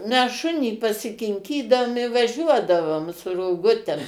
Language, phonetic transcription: Lithuanian, mes ˈšunį pasikinˈkydaum i vaˈžiuodavom su roˈgutem

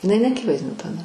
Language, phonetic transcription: Lithuanian, iˈnai neaˈkivaizdiniu taˈda

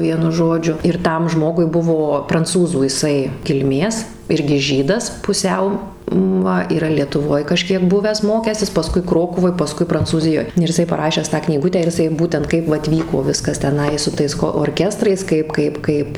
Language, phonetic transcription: Lithuanian, ˈvienu ˈžodžiu ir ˈtam ˈžmogui ˈbuvo pranˈcūzų jiˈsai kilˈmės ˈirgi ˈžydas puˈsiau ˈva yˈra lietuˈvoj kaˈžkiek ˈbuvęs ˈmokęsis paˈskui ˈkrokuvoj paˈskui prancūˈzijoj ir jiˈsai paˈrašęs tą knyˈgutę ir iˈsai ˈbūtent ˈkaip vat ˈvyko ˈviskas teˈnai su ˈtais ko orˈkestrais ˈkaip ˈkaip ˈkaip

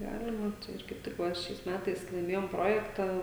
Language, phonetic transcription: Lithuanian, ˈgalima tai ˈir kaip ˈtik ˈva ˈšiais ˈmetais laiˈmėjom ˈprojektą

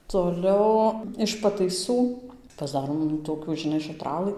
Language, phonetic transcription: Lithuanian, toˈliau iš pataiˈsų pasˈdarom nu toˈkių žiˈnai šaˈtralɨ

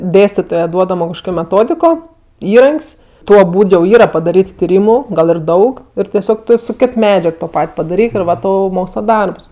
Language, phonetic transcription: Lithuanian, ˈdėstitoje ˈduodamo kažˈkokio meˈtodiko ˈįrank's' ˈtuo ˈbūd jau ˈyra padaˈryt tiˈrymu ˈgal ir ˈdaug ˈir teˈsiog su ˈkit ˈmedžiag to ˈpat' padaˈryk ir ˈva ˈtau ˈmoksla ˈdarbs

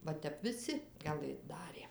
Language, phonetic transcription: Lithuanian, ˈva ˈtep viˈsi gaˈlɘt ˈdarė

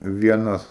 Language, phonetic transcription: Lithuanian, ˈvienas

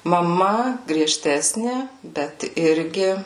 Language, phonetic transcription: Lithuanian, maˈma grieˈžtesni ˈbet ˈirgi

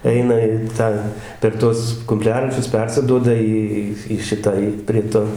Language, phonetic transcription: Lithuanian, ˈeina i ˈtą per ˈtuos kumˈpliaračius ˈpersiduoda ˈį ˈį į ˈšitą į prie ˈto

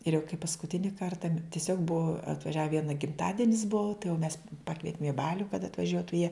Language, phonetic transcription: Lithuanian, ir jau kai paskuˈtini ˈkarta tiˈsiog ˈbuo atvaˈžiave ˈviena gimˈtadinis ˈbuu tai jau mes ˈpakvietim i ˈbaliu kad atvaˈžiuotu jie

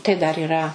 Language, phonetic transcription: Lithuanian, tai ˈdar yˈra

